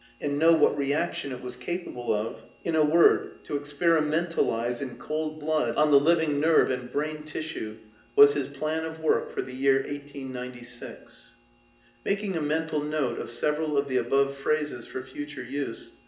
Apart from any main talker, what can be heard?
Nothing.